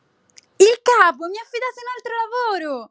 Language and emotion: Italian, happy